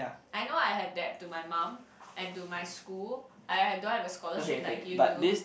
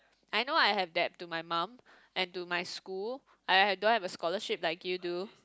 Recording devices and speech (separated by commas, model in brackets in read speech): boundary microphone, close-talking microphone, conversation in the same room